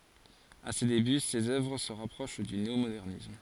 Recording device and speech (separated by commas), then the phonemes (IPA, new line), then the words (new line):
forehead accelerometer, read sentence
a se deby sez œvʁ sə ʁapʁoʃ dy neomodɛʁnism
À ses débuts, ses œuvres se rapprochent du néomodernisme.